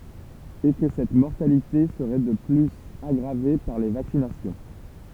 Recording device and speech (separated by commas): temple vibration pickup, read sentence